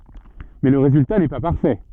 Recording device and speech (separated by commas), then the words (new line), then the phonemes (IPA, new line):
soft in-ear microphone, read sentence
Mais le résultat n'est pas parfait.
mɛ lə ʁezylta nɛ pa paʁfɛ